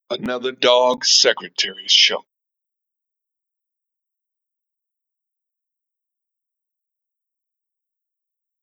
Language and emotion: English, angry